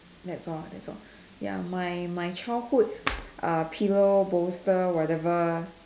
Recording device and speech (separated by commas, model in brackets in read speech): standing microphone, conversation in separate rooms